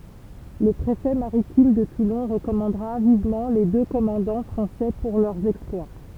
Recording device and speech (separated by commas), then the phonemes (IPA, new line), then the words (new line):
temple vibration pickup, read sentence
lə pʁefɛ maʁitim də tulɔ̃ ʁəkɔmɑ̃dʁa vivmɑ̃ le dø kɔmɑ̃dɑ̃ fʁɑ̃sɛ puʁ lœʁ ɛksplwa
Le préfet maritime de Toulon recommandera vivement les deux commandants français pour leur exploit.